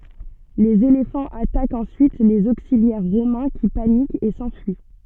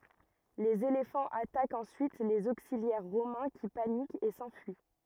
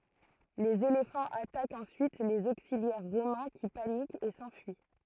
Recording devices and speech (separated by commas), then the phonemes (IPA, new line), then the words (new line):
soft in-ear microphone, rigid in-ear microphone, throat microphone, read sentence
lez elefɑ̃z atakt ɑ̃syit lez oksiljɛʁ ʁomɛ̃ ki panikt e sɑ̃fyi
Les éléphants attaquent ensuite les auxiliaires romains qui paniquent et s'enfuient.